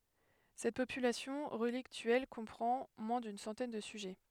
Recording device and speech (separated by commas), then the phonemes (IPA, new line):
headset microphone, read sentence
sɛt popylasjɔ̃ ʁəliktyɛl kɔ̃pʁɑ̃ mwɛ̃ dyn sɑ̃tɛn də syʒɛ